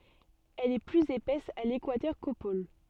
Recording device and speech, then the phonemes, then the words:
soft in-ear microphone, read sentence
ɛl ɛ plyz epɛs a lekwatœʁ ko pol
Elle est plus épaisse à l'équateur qu'aux pôles.

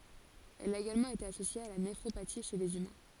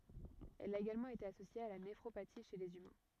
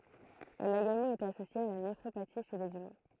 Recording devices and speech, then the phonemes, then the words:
forehead accelerometer, rigid in-ear microphone, throat microphone, read sentence
ɛl a eɡalmɑ̃ ete asosje a la nefʁopati ʃe lez ymɛ̃
Elle a également été associée à la néphropathie chez les humains.

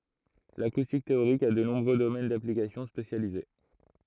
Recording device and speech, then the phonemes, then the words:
throat microphone, read sentence
lakustik teoʁik a də nɔ̃bʁø domɛn daplikasjɔ̃ spesjalize
L'acoustique théorique a de nombreux domaines d'application spécialisés.

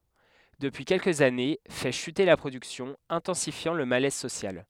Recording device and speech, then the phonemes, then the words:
headset microphone, read sentence
dəpyi kɛlkəz ane fɛ ʃyte la pʁodyksjɔ̃ ɛ̃tɑ̃sifjɑ̃ lə malɛz sosjal
Depuis quelques années, fait chuter la production, intensifiant le malaise social.

